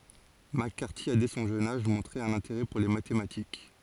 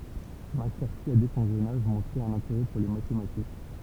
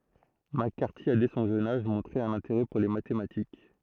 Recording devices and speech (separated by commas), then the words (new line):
forehead accelerometer, temple vibration pickup, throat microphone, read sentence
McCarthy a dès son jeune âge montré un intérêt pour les mathématiques.